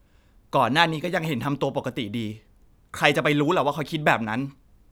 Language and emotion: Thai, frustrated